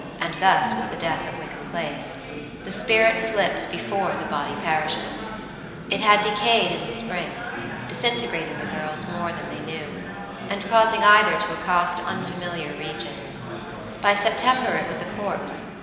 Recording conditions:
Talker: one person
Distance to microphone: 1.7 m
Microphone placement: close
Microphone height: 1.0 m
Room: very reverberant, large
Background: babble

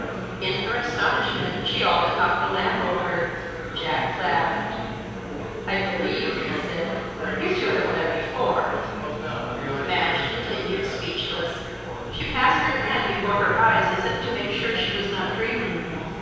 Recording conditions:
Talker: one person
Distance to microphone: 7.1 m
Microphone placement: far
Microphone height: 1.7 m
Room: very reverberant, large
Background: babble

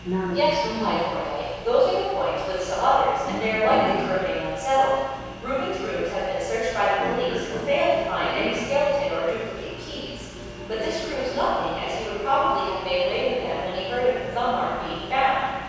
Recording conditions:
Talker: one person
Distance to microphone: 7.1 m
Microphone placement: far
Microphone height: 1.7 m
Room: very reverberant, large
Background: television

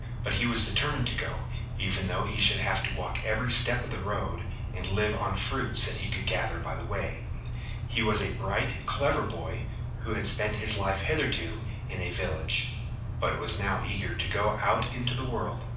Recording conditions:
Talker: one person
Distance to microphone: 5.8 m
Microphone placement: far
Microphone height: 1.8 m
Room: medium-sized (5.7 m by 4.0 m)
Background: none

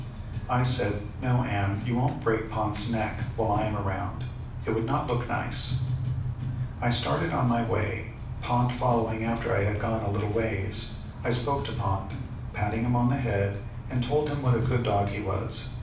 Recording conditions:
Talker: one person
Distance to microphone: 5.8 m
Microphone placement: far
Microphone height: 1.8 m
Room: medium-sized (5.7 m by 4.0 m)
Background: music

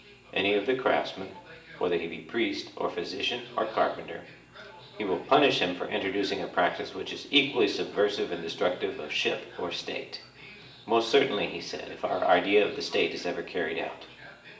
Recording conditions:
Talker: one person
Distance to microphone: 1.8 m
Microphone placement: close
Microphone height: 1.0 m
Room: large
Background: television

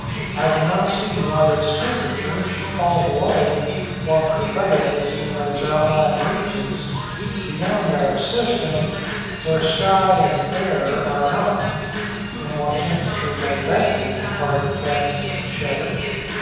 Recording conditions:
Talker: one person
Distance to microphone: 7.1 m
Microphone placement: far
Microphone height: 1.7 m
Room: very reverberant, large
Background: music

